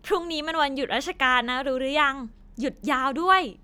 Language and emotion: Thai, happy